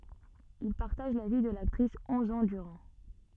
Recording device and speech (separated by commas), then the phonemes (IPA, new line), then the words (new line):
soft in-ear microphone, read sentence
il paʁtaʒ la vi də laktʁis ɔ̃z ɑ̃ dyʁɑ̃
Il partage la vie de l'actrice onze ans durant.